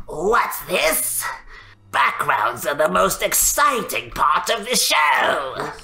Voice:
raspy voice